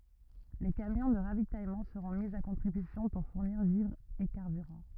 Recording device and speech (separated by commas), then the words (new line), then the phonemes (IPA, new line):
rigid in-ear microphone, read sentence
Les camions de ravitaillement seront mis à contribution pour fournir vivres et carburant.
le kamjɔ̃ də ʁavitajmɑ̃ səʁɔ̃ mi a kɔ̃tʁibysjɔ̃ puʁ fuʁniʁ vivʁz e kaʁbyʁɑ̃